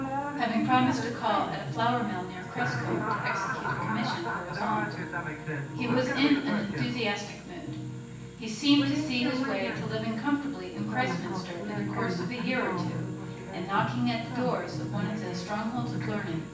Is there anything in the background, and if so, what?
A television.